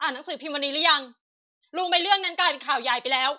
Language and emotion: Thai, angry